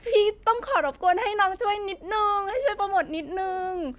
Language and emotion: Thai, happy